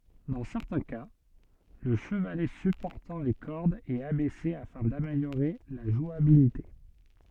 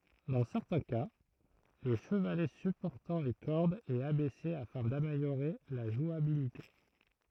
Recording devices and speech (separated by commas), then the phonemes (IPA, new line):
soft in-ear microphone, throat microphone, read sentence
dɑ̃ sɛʁtɛ̃ ka lə ʃəvalɛ sypɔʁtɑ̃ le kɔʁdz ɛt abɛse afɛ̃ dameljoʁe la ʒwabilite